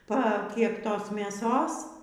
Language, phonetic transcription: Lithuanian, pa ˈkeptos mėˈsos

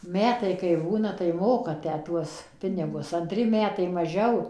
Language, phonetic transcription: Lithuanian, ˈmetai kai ˈbūna tai ˈmoka ˈtę ˈtuos ˈpinigus anˈtri ˈmetai maˈžiau

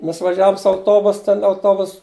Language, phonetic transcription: Lithuanian, ˈmes vaˈžiavum su auˈtobus ˈten auˈtobus

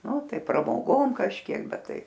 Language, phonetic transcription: Lithuanian, ˈnu ˈtai pramoˈgom kažˈkiek ˈbet ˈtai

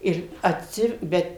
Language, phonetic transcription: Lithuanian, ˈir atˈsi ˈbet

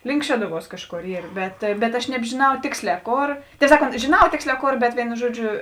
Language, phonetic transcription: Lithuanian, link ˈšeduˌvuos ˈkažˌkor ˈyr ˈbet bet aš nebžiˈnau ˈtėksˌlē ˈkor tei ˈsakˌont žėˈnau ˈtėksˌlē ˈkor bet ˈvėinu ˈžuoˌdžiu

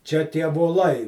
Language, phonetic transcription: Lithuanian, čia tie voˈlai

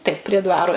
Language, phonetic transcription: Lithuanian, ˈtaip prie ˈdvaro

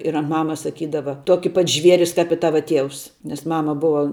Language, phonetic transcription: Lithuanian, ir ant ˈmamas saˈkydava ˈtuoki pat ˈžvieris kap i ˈtava ˈtieus nes ˈmama ˈbuva

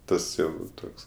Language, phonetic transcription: Lithuanian, ˈtas jau ˈtoks

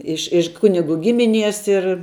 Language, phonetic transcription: Lithuanian, ˈiš iš ˈkuniˌgu ˈgimiˌnies ir

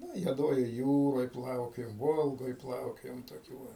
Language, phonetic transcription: Lithuanian, ˈnu i juoˈdojoj ˈjūroj ˈplaukiojom ˈvolgoj ˈplaukiojom toˈkių va

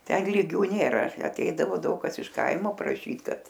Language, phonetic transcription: Lithuanian, ˈten lyˈgių nėˈra aˈteidavo ˈdaug kas iš ˈkaimo praˈšyt ˈkad

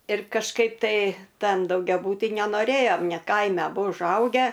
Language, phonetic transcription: Lithuanian, ir kažˈkaip tai ˈtan daugiaˈbūty nenoˈrėjom ne ˈkaime aˈbu užˈaugę

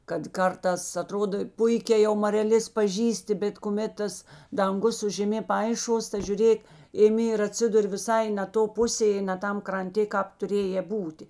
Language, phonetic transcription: Lithuanian, kad ˈkartās aˈtrodo ˈpuikē jau mareˈlės paˈžįsti bet kuˈmet tas danˈgus su žeˈmė ˈpaiˌšuos ta žiuˈrėk iˈmi ir atˈsidur' viˈsai ne ˈto ˈpusė i ne ˈtam kranˈtė ˈkāp tuˈrėjė ˈbūtė

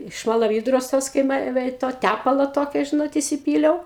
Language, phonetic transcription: Lithuanian, šmalaˈvydros ˈtos kai ˈme ve i ˈto ˈtæpalo ˈtokio ˈžinot isiˈpyliau

